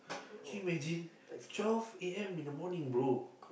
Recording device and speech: boundary microphone, conversation in the same room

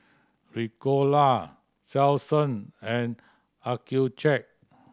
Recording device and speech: standing microphone (AKG C214), read sentence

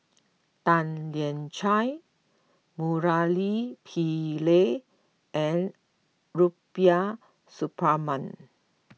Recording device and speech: mobile phone (iPhone 6), read sentence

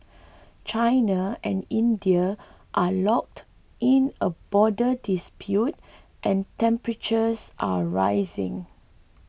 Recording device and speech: boundary microphone (BM630), read sentence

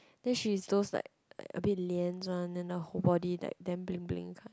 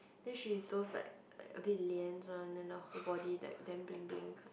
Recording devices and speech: close-talking microphone, boundary microphone, conversation in the same room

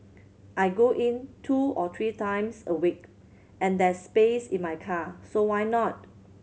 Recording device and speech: mobile phone (Samsung C7100), read sentence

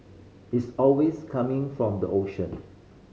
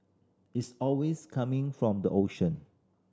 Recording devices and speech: mobile phone (Samsung C5010), standing microphone (AKG C214), read sentence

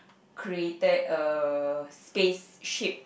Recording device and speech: boundary microphone, conversation in the same room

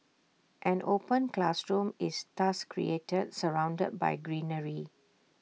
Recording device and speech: mobile phone (iPhone 6), read sentence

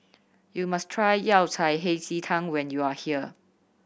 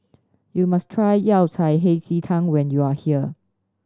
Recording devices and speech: boundary microphone (BM630), standing microphone (AKG C214), read sentence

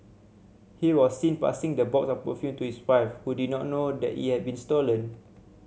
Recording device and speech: mobile phone (Samsung C7100), read sentence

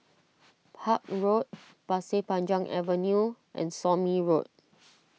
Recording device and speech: mobile phone (iPhone 6), read sentence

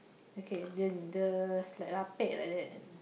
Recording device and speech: boundary microphone, conversation in the same room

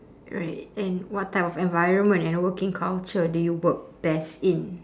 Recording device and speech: standing microphone, conversation in separate rooms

